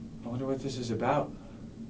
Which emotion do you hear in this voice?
fearful